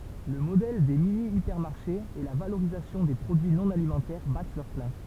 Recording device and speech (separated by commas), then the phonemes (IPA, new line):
temple vibration pickup, read sentence
lə modɛl de minjipɛʁmaʁʃez e la valoʁizasjɔ̃ de pʁodyi nɔ̃ alimɑ̃tɛʁ bat lœʁ plɛ̃